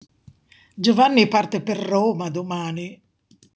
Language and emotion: Italian, disgusted